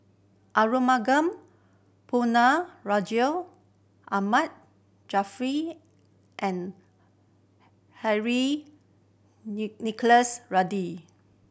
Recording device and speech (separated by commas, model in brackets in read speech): boundary microphone (BM630), read sentence